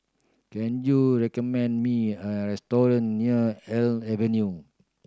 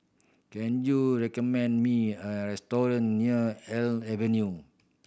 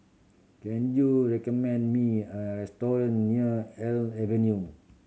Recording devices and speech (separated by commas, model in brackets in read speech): standing microphone (AKG C214), boundary microphone (BM630), mobile phone (Samsung C7100), read sentence